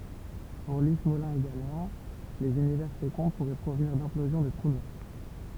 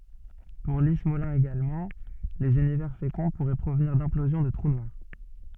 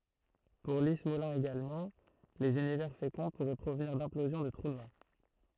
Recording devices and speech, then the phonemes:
temple vibration pickup, soft in-ear microphone, throat microphone, read sentence
puʁ li smolin eɡalmɑ̃ lez ynivɛʁ fekɔ̃ puʁɛ pʁovniʁ dɛ̃plozjɔ̃ də tʁu nwaʁ

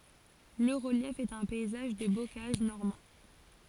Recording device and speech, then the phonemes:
forehead accelerometer, read sentence
lə ʁəljɛf ɛt œ̃ pɛizaʒ də bokaʒ nɔʁmɑ̃

